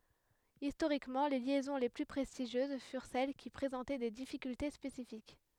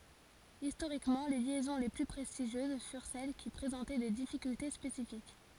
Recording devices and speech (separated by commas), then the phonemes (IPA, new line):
headset microphone, forehead accelerometer, read sentence
istoʁikmɑ̃ le ljɛzɔ̃ le ply pʁɛstiʒjøz fyʁ sɛl ki pʁezɑ̃tɛ de difikylte spesifik